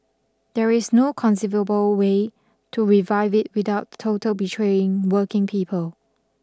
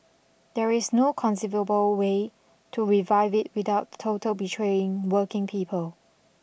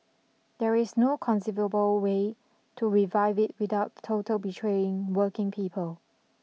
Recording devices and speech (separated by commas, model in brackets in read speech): standing microphone (AKG C214), boundary microphone (BM630), mobile phone (iPhone 6), read sentence